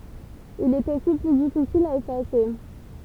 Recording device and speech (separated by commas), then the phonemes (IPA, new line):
temple vibration pickup, read sentence
il ɛt osi ply difisil a efase